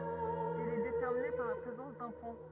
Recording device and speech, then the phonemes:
rigid in-ear microphone, read sentence
il ɛ detɛʁmine paʁ la pʁezɑ̃s dœ̃ pɔ̃

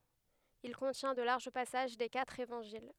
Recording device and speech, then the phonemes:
headset microphone, read sentence
il kɔ̃tjɛ̃ də laʁʒ pasaʒ de katʁ evɑ̃ʒil

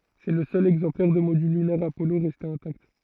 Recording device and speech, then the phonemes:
throat microphone, read sentence
sɛ lə sœl ɛɡzɑ̃plɛʁ də modyl lynɛʁ apɔlo ʁɛste ɛ̃takt

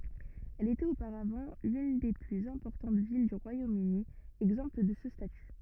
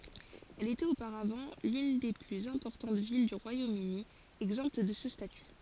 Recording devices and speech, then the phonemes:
rigid in-ear microphone, forehead accelerometer, read sentence
ɛl etɛt opaʁavɑ̃ lyn de plyz ɛ̃pɔʁtɑ̃t vil dy ʁwajomøni ɛɡzɑ̃pt də sə staty

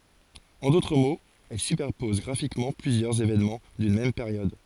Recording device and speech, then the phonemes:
forehead accelerometer, read sentence
ɑ̃ dotʁ moz ɛl sypɛʁpɔz ɡʁafikmɑ̃ plyzjœʁz evenmɑ̃ dyn mɛm peʁjɔd

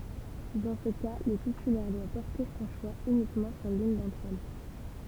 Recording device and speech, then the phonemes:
temple vibration pickup, read sentence
dɑ̃ sə ka lə titylɛʁ dwa pɔʁte sɔ̃ ʃwa ynikmɑ̃ syʁ lyn dɑ̃tʁ ɛl

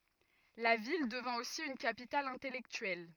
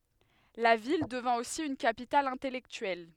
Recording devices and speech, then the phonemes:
rigid in-ear microphone, headset microphone, read sentence
la vil dəvɛ̃ osi yn kapital ɛ̃tɛlɛktyɛl

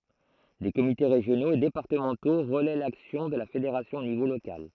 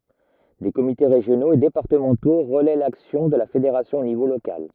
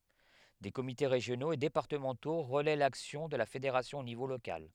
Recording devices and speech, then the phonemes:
throat microphone, rigid in-ear microphone, headset microphone, read sentence
de komite ʁeʒjonoz e depaʁtəmɑ̃to ʁəlɛ laksjɔ̃ də la fedeʁasjɔ̃ o nivo lokal

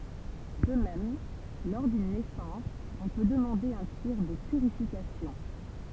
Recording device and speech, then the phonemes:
temple vibration pickup, read sentence
də mɛm lɔʁ dyn nɛsɑ̃s ɔ̃ pø dəmɑ̃de œ̃ tiʁ də pyʁifikasjɔ̃

